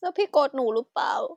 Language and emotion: Thai, sad